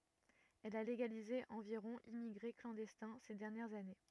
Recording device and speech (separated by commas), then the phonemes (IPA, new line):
rigid in-ear microphone, read sentence
ɛl a leɡalize ɑ̃viʁɔ̃ immiɡʁe klɑ̃dɛstɛ̃ se dɛʁnjɛʁz ane